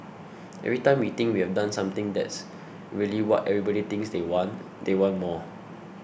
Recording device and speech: boundary microphone (BM630), read sentence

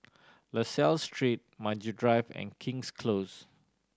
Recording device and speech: standing microphone (AKG C214), read sentence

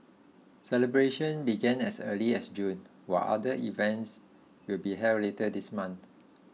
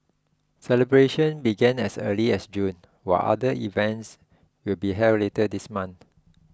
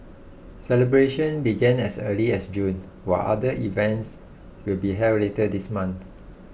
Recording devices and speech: mobile phone (iPhone 6), close-talking microphone (WH20), boundary microphone (BM630), read sentence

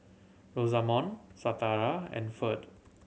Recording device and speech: mobile phone (Samsung C7100), read sentence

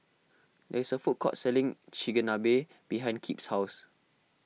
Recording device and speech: mobile phone (iPhone 6), read sentence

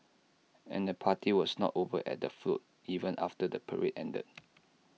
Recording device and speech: mobile phone (iPhone 6), read sentence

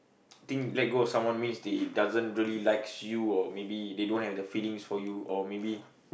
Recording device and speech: boundary microphone, conversation in the same room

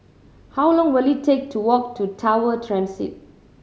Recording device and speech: mobile phone (Samsung C7100), read sentence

